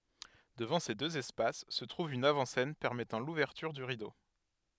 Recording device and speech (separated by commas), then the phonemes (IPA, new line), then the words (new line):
headset microphone, read sentence
dəvɑ̃ se døz ɛspas sə tʁuv yn avɑ̃ sɛn pɛʁmɛtɑ̃ luvɛʁtyʁ dy ʁido
Devant ces deux espaces se trouve une avant-scène permettant l’ouverture du rideau.